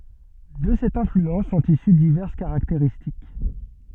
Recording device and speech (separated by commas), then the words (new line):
soft in-ear microphone, read sentence
De cette influence sont issues diverses caractéristiques.